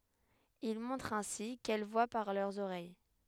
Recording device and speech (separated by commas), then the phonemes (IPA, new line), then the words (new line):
headset microphone, read sentence
il mɔ̃tʁ ɛ̃si kɛl vwa paʁ lœʁz oʁɛj
Il montre ainsi qu'elles voient par leurs oreilles.